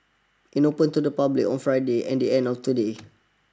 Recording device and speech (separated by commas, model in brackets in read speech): standing microphone (AKG C214), read sentence